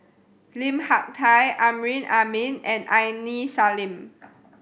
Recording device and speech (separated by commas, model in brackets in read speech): boundary microphone (BM630), read sentence